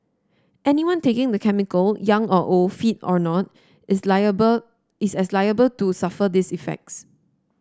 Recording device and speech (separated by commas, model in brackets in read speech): standing microphone (AKG C214), read sentence